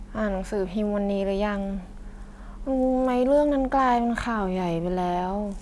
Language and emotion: Thai, frustrated